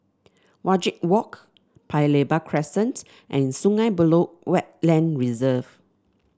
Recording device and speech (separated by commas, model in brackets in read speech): standing microphone (AKG C214), read sentence